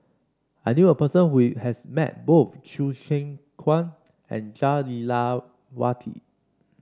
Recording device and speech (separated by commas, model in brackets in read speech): standing microphone (AKG C214), read sentence